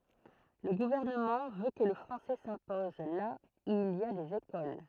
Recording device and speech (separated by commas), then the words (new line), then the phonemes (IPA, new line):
throat microphone, read sentence
Le gouvernement veut que le français s’impose là où il y a des écoles.
lə ɡuvɛʁnəmɑ̃ vø kə lə fʁɑ̃sɛ sɛ̃pɔz la u il i a dez ekol